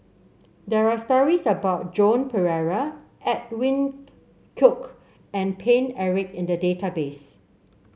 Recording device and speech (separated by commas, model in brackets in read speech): mobile phone (Samsung C7), read sentence